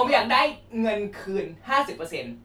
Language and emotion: Thai, frustrated